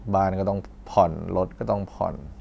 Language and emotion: Thai, frustrated